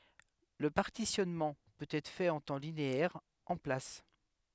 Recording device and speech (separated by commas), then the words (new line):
headset microphone, read sentence
Le partitionnement peut être fait en temps linéaire, en place.